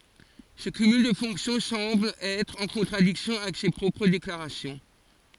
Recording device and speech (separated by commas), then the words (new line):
forehead accelerometer, read sentence
Ce cumul de fonctions semble être en contradiction avec ses propres déclarations.